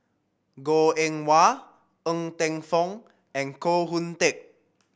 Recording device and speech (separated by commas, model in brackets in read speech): boundary microphone (BM630), read sentence